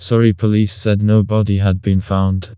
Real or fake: fake